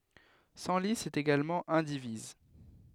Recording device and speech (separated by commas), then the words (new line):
headset microphone, read sentence
Senlis est également indivise.